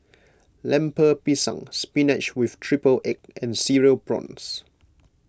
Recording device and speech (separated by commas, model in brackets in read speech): close-talking microphone (WH20), read sentence